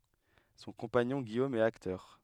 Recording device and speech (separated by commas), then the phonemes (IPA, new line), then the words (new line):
headset microphone, read sentence
sɔ̃ kɔ̃paɲɔ̃ ɡijom ɛt aktœʁ
Son compagnon, Guillaume, est acteur.